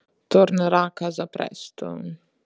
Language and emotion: Italian, disgusted